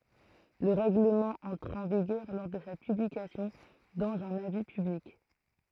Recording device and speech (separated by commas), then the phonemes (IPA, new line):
throat microphone, read sentence
lə ʁɛɡləmɑ̃ ɑ̃tʁ ɑ̃ viɡœʁ lɔʁ də sa pyblikasjɔ̃ dɑ̃z œ̃n avi pyblik